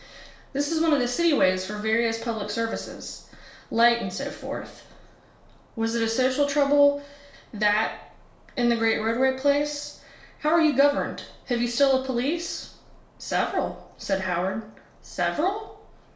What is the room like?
A small room (about 3.7 m by 2.7 m).